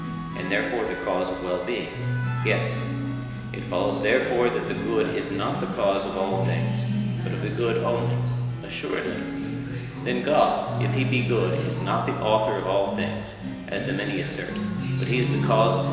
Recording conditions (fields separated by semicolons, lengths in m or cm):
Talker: one person; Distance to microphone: 1.7 m; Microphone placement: close; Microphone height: 1.0 m; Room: very reverberant, large; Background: music